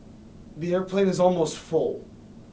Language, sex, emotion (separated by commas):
English, male, neutral